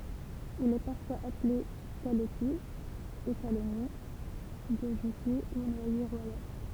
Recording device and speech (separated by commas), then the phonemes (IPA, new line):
temple vibration pickup, read sentence
il ɛ paʁfwaz aple kalɔtje ekalɔnje ɡoʒøtje u nwaje ʁwajal